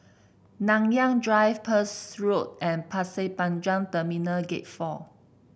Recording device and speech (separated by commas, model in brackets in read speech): boundary microphone (BM630), read sentence